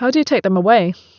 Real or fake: real